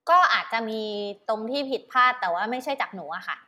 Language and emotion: Thai, neutral